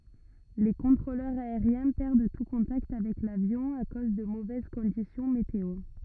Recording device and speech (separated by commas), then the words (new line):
rigid in-ear microphone, read sentence
Les contrôleurs aériens perdent tout contact avec l'avion à cause de mauvaises conditions météo.